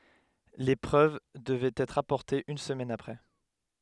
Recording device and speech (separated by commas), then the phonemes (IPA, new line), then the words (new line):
headset microphone, read sentence
le pʁøv dəvɛt ɛtʁ apɔʁtez yn səmɛn apʁɛ
Les preuves devaient être apportées une semaine après.